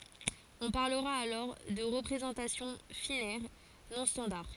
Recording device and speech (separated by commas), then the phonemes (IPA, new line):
forehead accelerometer, read sentence
ɔ̃ paʁləʁa alɔʁ də ʁəpʁezɑ̃tasjɔ̃ finɛʁ nɔ̃ stɑ̃daʁ